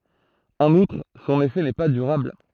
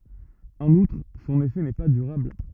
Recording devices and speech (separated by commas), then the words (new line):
throat microphone, rigid in-ear microphone, read sentence
En outre, son effet n'est pas durable.